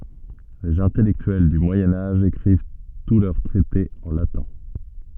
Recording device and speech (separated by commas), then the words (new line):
soft in-ear microphone, read sentence
Les intellectuels du Moyen Âge écrivent tous leurs traités en latin.